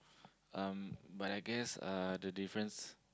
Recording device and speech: close-talking microphone, conversation in the same room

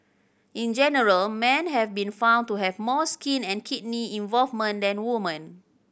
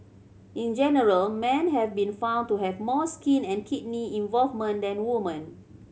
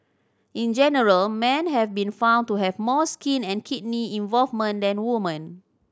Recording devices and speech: boundary microphone (BM630), mobile phone (Samsung C7100), standing microphone (AKG C214), read sentence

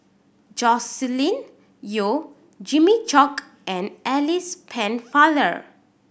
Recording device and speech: boundary microphone (BM630), read sentence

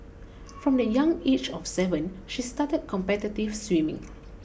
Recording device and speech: boundary microphone (BM630), read sentence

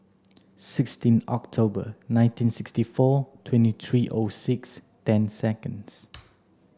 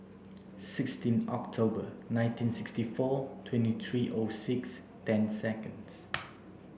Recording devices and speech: standing microphone (AKG C214), boundary microphone (BM630), read sentence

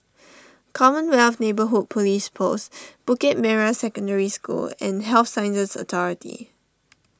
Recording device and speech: standing microphone (AKG C214), read sentence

